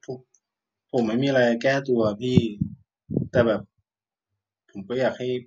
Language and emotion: Thai, frustrated